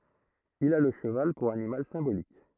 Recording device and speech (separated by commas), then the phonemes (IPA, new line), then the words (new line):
throat microphone, read sentence
il a lə ʃəval puʁ animal sɛ̃bolik
Il a le cheval pour animal symbolique.